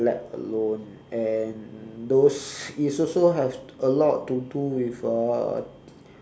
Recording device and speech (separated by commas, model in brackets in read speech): standing microphone, conversation in separate rooms